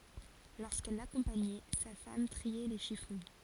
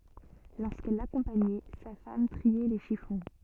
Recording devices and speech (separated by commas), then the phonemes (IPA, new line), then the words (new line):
forehead accelerometer, soft in-ear microphone, read sentence
loʁskɛl lakɔ̃paɲɛ sa fam tʁiɛ le ʃifɔ̃
Lorsqu’elle l’accompagnait, sa femme triait les chiffons.